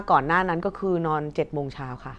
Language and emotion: Thai, neutral